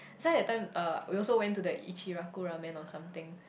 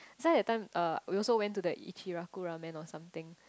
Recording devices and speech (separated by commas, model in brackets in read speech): boundary microphone, close-talking microphone, conversation in the same room